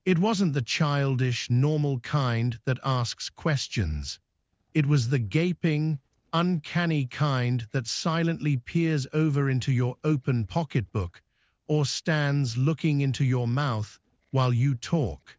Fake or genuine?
fake